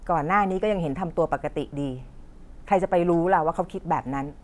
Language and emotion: Thai, frustrated